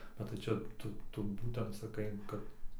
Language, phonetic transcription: Lithuanian, bet tai ˈčia ˈtu ˈtu ˈbūtent saˈkai ˈkad

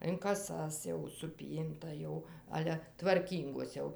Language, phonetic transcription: Lithuanian, in kaˈsas jau suˈpynta jau ˈale tvarˈkyngos jau

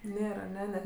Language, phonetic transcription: Lithuanian, ˈnėr aˈne ne

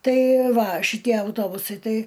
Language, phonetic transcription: Lithuanian, ˈtai ˈva šiˈtie auˈtobusai ˈtai

